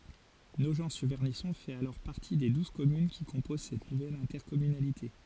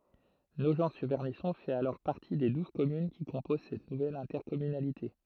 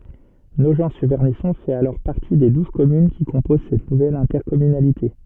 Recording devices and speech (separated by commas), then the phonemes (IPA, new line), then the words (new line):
forehead accelerometer, throat microphone, soft in-ear microphone, read sentence
noʒɑ̃tsyʁvɛʁnisɔ̃ fɛt alɔʁ paʁti de duz kɔmyn ki kɔ̃poz sɛt nuvɛl ɛ̃tɛʁkɔmynalite
Nogent-sur-Vernisson fait alors partie des douze communes qui composent cette nouvelle intercommunalité.